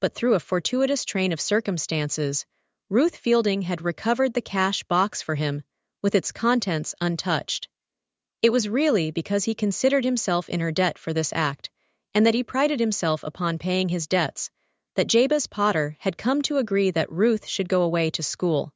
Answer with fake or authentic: fake